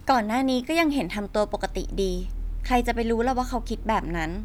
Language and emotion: Thai, neutral